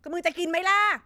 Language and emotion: Thai, angry